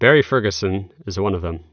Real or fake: real